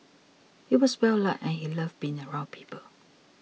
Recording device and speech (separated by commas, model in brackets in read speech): mobile phone (iPhone 6), read sentence